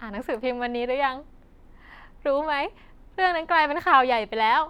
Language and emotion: Thai, happy